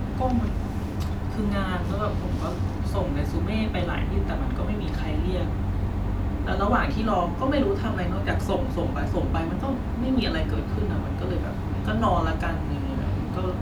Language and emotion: Thai, frustrated